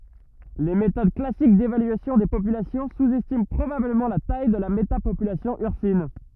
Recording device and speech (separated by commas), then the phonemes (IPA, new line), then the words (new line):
rigid in-ear microphone, read sentence
le metod klasik devalyasjɔ̃ de popylasjɔ̃ suzɛstimɑ̃ pʁobabləmɑ̃ la taj də la metapopylasjɔ̃ yʁsin
Les méthodes classique d'évaluation des populations sous-estiment probablement la taille de la métapopulation ursine.